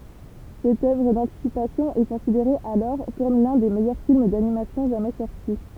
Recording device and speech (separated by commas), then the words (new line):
temple vibration pickup, read sentence
Cette œuvre d'anticipation est considérée alors comme l'un des meilleurs films d'animation jamais sorti.